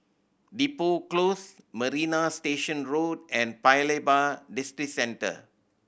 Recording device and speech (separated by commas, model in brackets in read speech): boundary microphone (BM630), read sentence